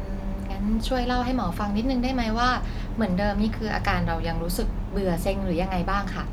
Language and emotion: Thai, neutral